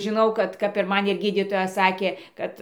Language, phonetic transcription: Lithuanian, žiˈnau ˈkad kap ir ˈman ir ˈgydytoja ˈsakė ˈkad

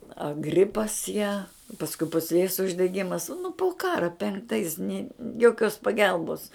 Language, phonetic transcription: Lithuanian, a ˈgripas ją pasˈkui pusˈlės uždeˈgimas nu pu ˈkara penkˈtais ni joˈkios paˈgelbos

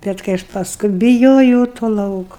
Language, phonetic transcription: Lithuanian, ˈbet kai ˈaš pasˈkui biˈjojau to ˈlauku

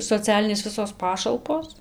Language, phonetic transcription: Lithuanian, soˈcialinės ˈvisos ˈpašalpos

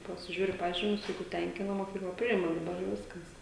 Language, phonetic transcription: Lithuanian, pasiˈžiūri ˈpažymius ˈjeigu ˈtenkina moˈkykla ˈpriima daˈbar jau ˈviskas

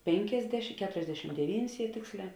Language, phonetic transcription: Lithuanian, ˈpėnkėsdeš ˈketuriasdešim deˈvynis jie ˈtėksˌlē

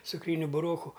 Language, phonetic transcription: Lithuanian, cukˈryniu buˈroku

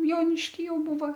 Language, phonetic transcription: Lithuanian, ˈjonišky ˈjau ˈbūva

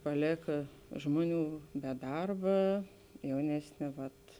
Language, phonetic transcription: Lithuanian, ˈpalėka ˈžmoˌnių be ˈdarba ˈjaunesˌnė ˈvat

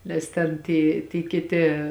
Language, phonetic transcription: Lithuanian, ˈnes ten ˈty ty kiˈti

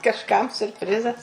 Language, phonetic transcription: Lithuanian, kažˈkam siurpˈrizas

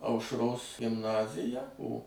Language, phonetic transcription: Lithuanian, aušˈros gimˈnazija o

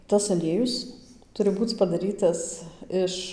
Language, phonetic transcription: Lithuanian, tas aˈliejus ˈturi ˈbūc padaˈrytas ˈiš

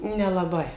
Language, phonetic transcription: Lithuanian, nelaˈbai

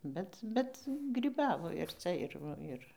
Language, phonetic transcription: Lithuanian, ˈbet ˈbet gryˈbavo ir ˈca ir ˈva ir

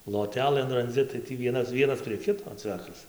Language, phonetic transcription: Lithuanian, loˈtelɘn ranˈdzi tai ˈtį ˈvienas ˈvienas prie ˈkito ˈcvekas

